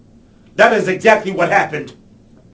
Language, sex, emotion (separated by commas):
English, male, angry